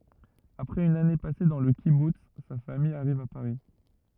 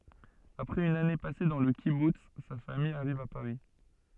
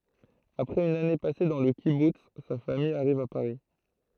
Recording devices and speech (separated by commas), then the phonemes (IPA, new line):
rigid in-ear microphone, soft in-ear microphone, throat microphone, read sentence
apʁɛz yn ane pase dɑ̃ lə kibuts sa famij aʁiv a paʁi